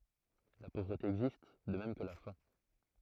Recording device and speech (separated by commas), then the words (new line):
throat microphone, read sentence
La pauvreté existe, de même que la faim.